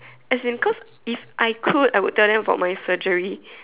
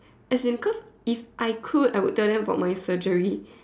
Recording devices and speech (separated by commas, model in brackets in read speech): telephone, standing microphone, conversation in separate rooms